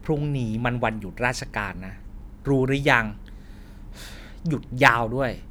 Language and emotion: Thai, frustrated